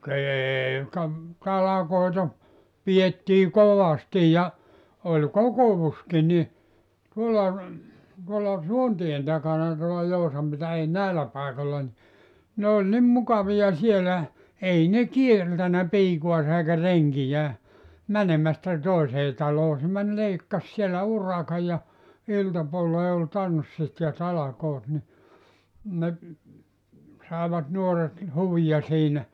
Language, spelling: Finnish, ka ei ka talkoita pidettiin kovasti ja oli kokouskin niin tuolla tuolla Suontien takana tuolla Joutsan - ei näillä paikoilla niin ne oli niin mukavia siellä ei ne kieltänyt piikaansa eikä renkiään menemästä toiseen taloon se meni leikkasi siellä urakan ja iltapuoleen oli tanssit ja talkoot niin ne saivat nuoret huvia siinä
- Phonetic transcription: ka , "eei ka , 'talakoita , 'pijettii "kovasti ja , 'oĺ "kokovuski ni , 'tuolla , tuolla "Suontien takana tuola 'Jousam pitä- 'ei "nä̀ellä 'pàekolla ni , ne oĺ 'nim 'mukavi₍a 'sielä , 'ei ne "kieltänä 'piikuasa eikä 'reŋkijää , 'mänemästä 'tòesee 'taloo se män 'leikkas siellä "urakaj ja , 'iltapuollee ol "tanssit ja 'talakoot ni , ne , 'sàevat 'nuoret , 'huvija siinä .

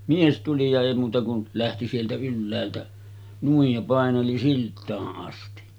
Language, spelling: Finnish, mies tuli ja ei muuta kuin lähti sieltä ylhäältä noin ja paineli siltaan asti
- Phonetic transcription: 'mies tuli ja èi muuta kun , 'lähti sieltä 'ylläältä , nuij ja 'pàeneli 'silt̆taaˀ ˀasti .

